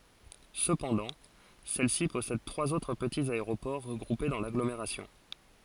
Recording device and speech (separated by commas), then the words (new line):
forehead accelerometer, read sentence
Cependant, celle-ci possède trois autres petits aéroports regroupés dans l'agglomération.